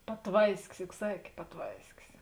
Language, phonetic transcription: Lithuanian, paˈtvaiskis juk ˈsakė paˈtvaiskis

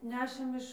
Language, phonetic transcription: Lithuanian, ˈnešėm iš

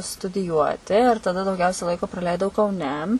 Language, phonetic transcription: Lithuanian, studiˈjuoti ir taˈda dauˈgiausia ˈlaiko praˈleidau kauˈne

